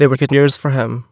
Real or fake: fake